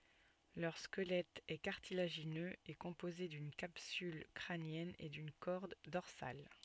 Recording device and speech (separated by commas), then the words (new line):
soft in-ear microphone, read sentence
Leur squelette est cartilagineux et composé d'une capsule crânienne et d'une corde dorsale.